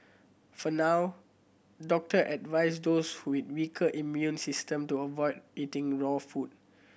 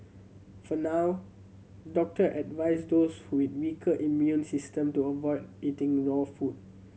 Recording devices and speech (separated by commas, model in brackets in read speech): boundary microphone (BM630), mobile phone (Samsung C7100), read sentence